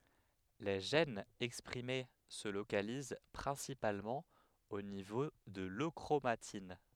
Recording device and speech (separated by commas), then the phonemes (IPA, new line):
headset microphone, read sentence
le ʒɛnz ɛkspʁime sə lokaliz pʁɛ̃sipalmɑ̃ o nivo də løkʁomatin